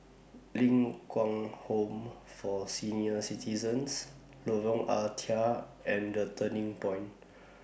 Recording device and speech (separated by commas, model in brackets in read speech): boundary microphone (BM630), read sentence